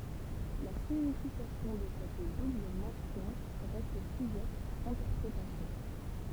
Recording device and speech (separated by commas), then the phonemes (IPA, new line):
temple vibration pickup, read sentence
la siɲifikasjɔ̃ də sɛt dubl mɑ̃sjɔ̃ ʁɛst syʒɛt a ɛ̃tɛʁpʁetasjɔ̃